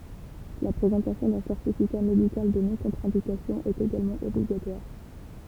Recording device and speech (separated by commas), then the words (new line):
temple vibration pickup, read sentence
La présentation d'un certificat médical de non-contre-indication est également obligatoire.